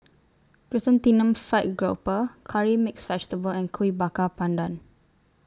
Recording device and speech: standing microphone (AKG C214), read sentence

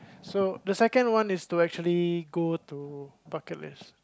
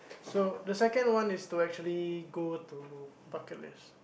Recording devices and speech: close-talking microphone, boundary microphone, conversation in the same room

